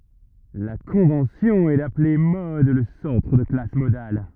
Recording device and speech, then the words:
rigid in-ear microphone, read sentence
La convention est d'appeler mode le centre de la classe modale.

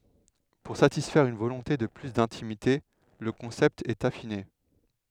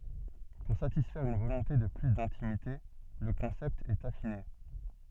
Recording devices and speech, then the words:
headset microphone, soft in-ear microphone, read sentence
Pour satisfaire une volonté de plus d'intimité, le concept est affiné.

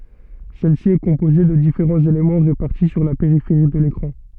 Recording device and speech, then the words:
soft in-ear microphone, read sentence
Celle-ci est composée de différents éléments répartis sur la périphérie de l'écran.

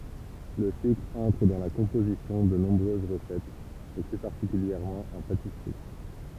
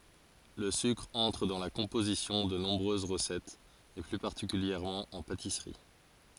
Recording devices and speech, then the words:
temple vibration pickup, forehead accelerometer, read sentence
Le sucre entre dans la composition de nombreuses recettes, et plus particulièrement en pâtisserie.

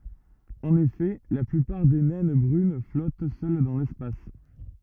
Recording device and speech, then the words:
rigid in-ear microphone, read sentence
En effet, la plupart des naines brunes flottent seules dans l'espace.

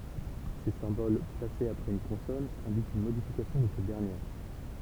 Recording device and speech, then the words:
temple vibration pickup, read sentence
Ces symboles, placés après une consonne, indiquent une modification de cette dernière.

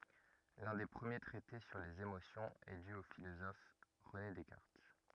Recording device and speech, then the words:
rigid in-ear microphone, read sentence
L'un des premiers traités sur les émotions est dû au philosophe René Descartes.

